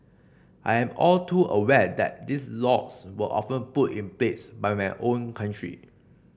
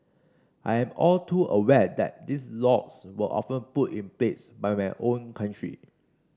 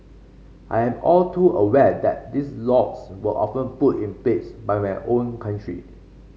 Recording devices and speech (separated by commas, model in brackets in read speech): boundary microphone (BM630), standing microphone (AKG C214), mobile phone (Samsung C5), read sentence